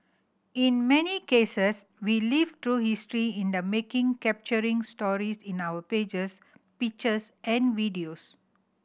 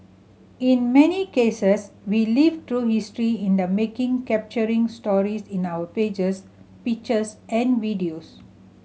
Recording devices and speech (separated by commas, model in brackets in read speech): boundary microphone (BM630), mobile phone (Samsung C7100), read sentence